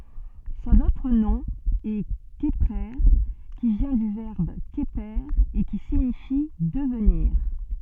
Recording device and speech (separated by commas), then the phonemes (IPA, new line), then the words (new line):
soft in-ear microphone, read sentence
sɔ̃n otʁ nɔ̃ ɛ kəpʁe ki vjɛ̃ dy vɛʁb kəpe e ki siɲifi dəvniʁ
Son autre nom est Kheprer, qui vient du verbe Kheper et qui signifie devenir.